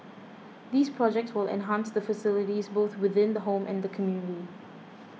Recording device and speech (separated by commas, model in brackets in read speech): mobile phone (iPhone 6), read sentence